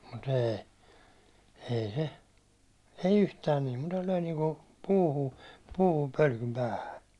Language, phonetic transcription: Finnish, mut ee , ei se , ei 'yhtään nii , mutta löi niiŋku , 'puuhu , 'puuhum pölkym 'päähä .
- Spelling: mutta ei ei se ei yhtään niin mutta löi niin kuin puuhun puuhun pölkyn päähän

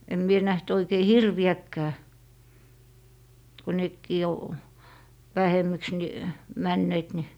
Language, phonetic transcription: Finnish, em mie 'näht 'oikei "hirvi₍äkkää , ko 'nekkii o , 'väheməks ni , 'männeet ni ,.
- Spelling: en minä nähnyt oikein hirviäkään kun nekin on vähemmäksi niin menneet niin

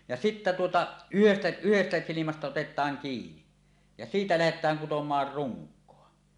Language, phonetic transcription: Finnish, ja sittä tuota , 'yhestᴀ̈ 'yhestä 'silimästä otet̀aaŋ kiini , ja 'siitä lähet̆tääŋ kutom̀aar "ruŋk̆koa .
- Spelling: ja sitten tuota yhdestä yhdestä silmästä otetaan kiinni ja siitä lähdetään kutomaan runkoa

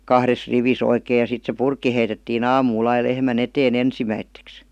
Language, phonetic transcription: Finnish, kahres 'rivis ‿oikee ja sit se 'purkki heitetti'n ‿aamuul ‿ai 'lehmä"n ‿etee"n ‿ensimäitteks .
- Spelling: kahdessa rivissä oikein ja sitten se purkki heitettiin aamulla aina lehmän eteen ensimmäiseksi

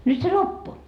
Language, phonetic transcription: Finnish, 'nyt se "loppu .
- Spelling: nyt se loppu

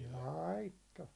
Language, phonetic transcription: Finnish, 'laitto .
- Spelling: laittoi

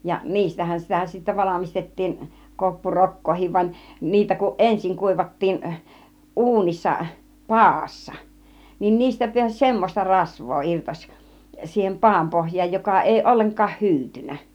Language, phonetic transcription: Finnish, ja 'niistähän sitä sittä 'valamistettiin , 'koppu "rok̀koohiv vań , niitä kuˀ "ˀensiŋ 'kùivattiin , "ˀu̬unissa , "paassa , niin 'niistä piäś "semmos͕ta 'rasv̆voo 'irtoś , siihem 'paam 'pohj̆jaaj joka èi 'olleŋk̆kaah "hyytyn̆nä .
- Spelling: ja niistähän sitä sitten valmistettiin - koppurokkaakin vaan niitä kun ensin kuivattiin uunissa padassa niin niistä pääsi semmoista rasvaa irtosi siihen padan pohjaan joka ei ollenkaan hyytynyt

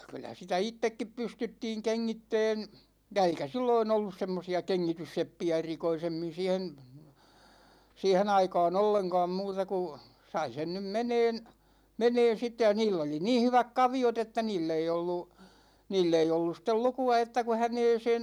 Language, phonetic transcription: Finnish, 'kyllä sitä "ittekkip 'pystyttiiŋ 'keŋŋittɛɛn̬ , ja 'eikä "silloin ‿ollus 'semmosi₍a "keŋŋitysseppi₍ä 'erikoisemmin̬ siihen̬ , 'siihe'n ‿aikaa"n ‿olleŋka̭a̭m 'muuta ku , 'sai sen nym "meneen , 'meneen̬ sitte ja 'niill ‿oli nii 'hyväk 'kavi₍ot ‿että 'niill ‿ei ollu , 'niill ‿ei olluˢ stel 'luku₍a että ku 'häneeseen̬ ,.
- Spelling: kyllä sitä itsekin pystyttiin kengittämään ja eikä silloin ollut semmoisia kengitysseppiä erikoisemmin siihen siihen aikaan ollenkaan muuta kuin sai sen nyt menemään menemään sitten ja niillä oli niin hyvät kaviot että niillä ei ollut niillä ei ollut sitten lukua että kun häneen

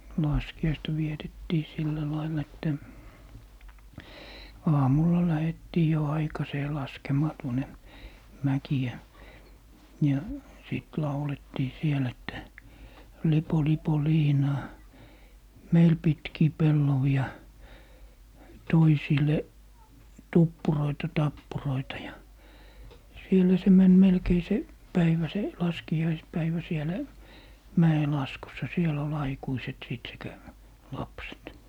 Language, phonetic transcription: Finnish, "laski₍aista 'vietettii 'sillä 'laillᵃ että , "aamulla 'lähettii jo 'aikasee 'laskemaa tuone , "mäki₍ä , ja 'sìt "laulettii 'siel ‿että » 'lipo 'lipo "liinaa , "meil 'pitkii "pellovi₍a , "toisile , 'tuppuroita 'tappuroita » ja , sielä se 'män melkei 'se , 'päivä 'se , 'laskijaispäivä 'sielä , "mä₍elaskussa 'siel ‿ol 'aikuiset 'sìt sekä , "lapset .
- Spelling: laskiaista vietettiin sillä lailla että aamulla lähdettiin jo aikaiseen laskemaan tuonne mäkeä ja sitten laulettiin siellä että lipo lipo liinaa meille pitkiä pellavia toisille tuppuroita tappuroita ja siellä se meni melkein se päivä se laskiaispäivä siellä mäenlaskussa siellä oli aikuiset sitten sekä lapset

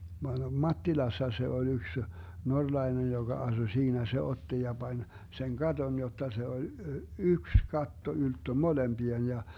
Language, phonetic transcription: Finnish, 'Mattilassa se oĺ 'yks , 'norlai̮nej joGa 'asu 'siinä se 'otti ja Bań , seŋ 'Gaton jotta 'se oĺ , "yks 'katto 'ylttö "molemBi₍en ja ,.
- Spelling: Mattilassa se oli yksi norjalainen joka asui siinä se otti ja pani sen katon jotta se oli yksi katto ylttö molempien ja

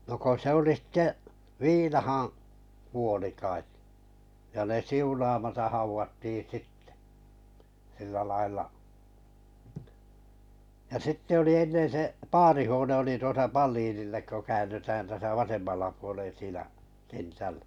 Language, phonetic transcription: Finnish, no ko 'se oli sⁱtte , "viinahaa̰ , 'kuoli kaet , ja ne 'siunamataʰ 'hauvatti "sittᴇ , sillä lail̀a , ja 'sitte 'oli 'ennen se , 'paarihuone oli tuosa "Palliinillek ko 'kään̆nytään täsä 'vasemmalla puolen 'siinä , 'kentäl- .
- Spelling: no kun se oli sitten viinaan kuoli kai ja ne siunaamatta haudattiin sitten sillä lailla ja sitten oli ennen se paarihuone oli tuossa Palinille kun käännytään tässä vasemmalla puolen siinä -

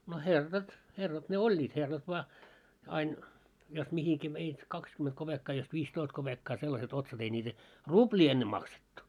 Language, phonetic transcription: Finnish, no 'herrat , herrat ne "oĺĺiit 'herrat vᵒa , ain , jos 'mihiki veit 'kakskymet koʙekkaa jos 'viis'toist koʙekkaa sellase't ‿otsat ei ńiitä , "ruʙĺii enne maksettu .
- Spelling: no herrat herrat ne olivat herrat vain aina jos mihin veit kaksi kopeekkaa jos viisitoista kopeekkaa sellaiset otsat ei niitä ruplia ennen maksettu

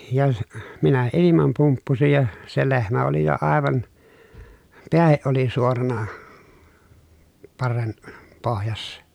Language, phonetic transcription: Finnish, ja , minä ilimam pumppusij ja , se lehmä oli jo àevan , peähiʼ ʼoli suorana , parren , pohjassa .
- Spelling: ja minä ilman pumppusin ja se lehmä oli jo aivan pääkin oli suorana parren pohjassa

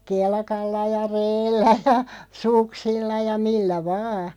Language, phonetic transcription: Finnish, kelkalla ja "reellä ja , "suksilla ja 'millä "vaa .
- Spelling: kelkalla ja reellä ja suksilla ja millä vain

